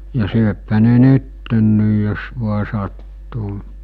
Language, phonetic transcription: Finnish, ja 'syöphä ne 'nyttenniij jos vua sattuu .
- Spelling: ja syöpähän ne nyt jos vain sattuu

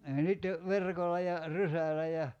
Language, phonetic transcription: Finnish, ja 'sitte , "verkol̆la ja , "rysälä ja ,.
- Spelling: ja sitten verkolla ja rysällä ja

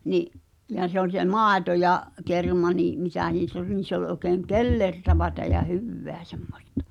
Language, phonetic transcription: Finnish, 'ni’ , ʲa se ‿oĺ se "maaᵉto ja’ , 'kerma nii’ , mitä nii(ss) ‿ol niin̬ se ‿oĺ ’oĕkèŋ "kellerta͕vätä ja "hyvveä 'sᴇᴍᴍᴏstᴀ .
- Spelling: niin ja se oli se maito ja kerma niin mitä niissä oli niin se oli oikein kellertävää ja hyvää semmoista

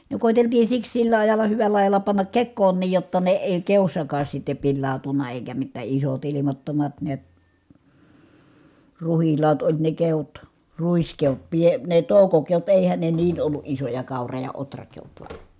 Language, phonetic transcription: Finnish, ne kòiteltii siks sillä ajal̆la hyväl̀ä ajala pannak kekkoon̆niij jotta ne èi keossakaas sitte pillàu̬tunna èikä mittä isot ilimattomat niät , ruhillaat oĺ ne keot , ruiskeot , pie- , ne tòukokeot èihän ne niin ollu ʼisoja kàura- ja otrakeot va ,.
- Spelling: ne koeteltiin siksi sillä ajalla hyvällä ajalla panna kekoonkin jotta ne ei keossakaan sitten pilaantunut eikä mitään isot ilmattomat näet ruhilaat oli ne keot ruiskeot - ne toukokeot eihän ne niin ollut isoja kaura ja ohrakeot vaan

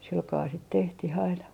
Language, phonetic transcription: Finnish, silkaa sit 'tehtih aina .
- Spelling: sillä kalella sitä tehtiin aina

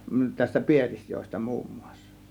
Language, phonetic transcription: Finnish, tästä "Pielisjoesta muummUAssA .
- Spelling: tästä Pielisjoesta muun muassa

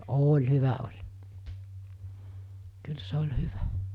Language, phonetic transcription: Finnish, 'ooĺ 'hyvä oĺ , kyl 'sᴇ oĺ 'hyvä .
- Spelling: oli hyvä oli kyllä se oli hyvä

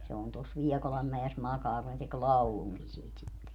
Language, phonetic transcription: Finnish, se on tos 'Liɛkolammäes 'makaa ku ne tek "lauluŋki siit sitte .
- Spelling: se on tuossa Liekolanmäessä makaa kun ne teki laulunkin siitä sitten

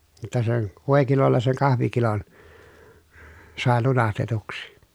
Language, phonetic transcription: Finnish, (jot)ta sen , vòekilolla seŋ kahvikilon , sàe lunastetuksi .
- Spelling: jotta sen voikilolla sen kahvikilon sai lunastetuksi

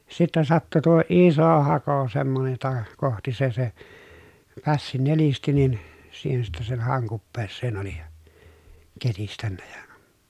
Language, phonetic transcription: Finnish, sittɛ sattu tuo ìso hako semmonej jota kohti se se , pässi nelisti nin , siihen sittɛ sen hàoŋ kuppeesseen oli , ketistännä ja ,.
- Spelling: sitten sattui tuo iso hako semmoinen jota kohti se se pässi nelisti niin siihen sitten sen haon kupeeseen oli ketistänyt ja

